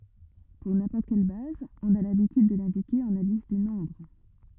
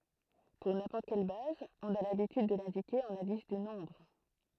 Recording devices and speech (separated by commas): rigid in-ear microphone, throat microphone, read sentence